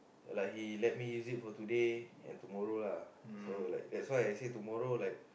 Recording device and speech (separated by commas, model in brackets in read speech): boundary microphone, conversation in the same room